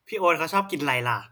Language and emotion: Thai, neutral